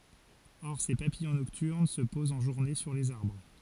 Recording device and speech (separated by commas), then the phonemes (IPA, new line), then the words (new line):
forehead accelerometer, read sentence
ɔʁ se papijɔ̃ nɔktyʁn sə pozt ɑ̃ ʒuʁne syʁ lez aʁbʁ
Or ces papillons nocturnes se posent en journée sur les arbres.